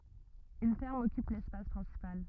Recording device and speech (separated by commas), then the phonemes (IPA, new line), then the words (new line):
rigid in-ear microphone, read sentence
yn fɛʁm ɔkyp lɛspas pʁɛ̃sipal
Une ferme occupe l'espace principal.